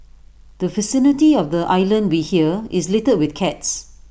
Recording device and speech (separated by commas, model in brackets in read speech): boundary microphone (BM630), read sentence